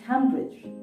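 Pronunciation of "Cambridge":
'Cambridge' is pronounced incorrectly here.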